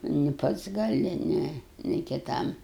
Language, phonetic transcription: Lithuanian, ni ˈpats gaˈli ˈne ni kiˈtam

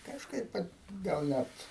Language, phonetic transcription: Lithuanian, kažˈkaip vat gal ˈnæt

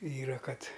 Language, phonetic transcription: Lithuanian, ˈyra ˈkad

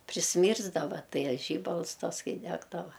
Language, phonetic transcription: Lithuanian, prisˈmyrsdava ˈtai a ˈžybals ˈtas ˈkai ˈdegdava

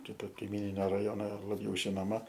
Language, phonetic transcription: Lithuanian, ˈkito kaiˈmyninio raˈjono laˈbiau žinoˈma

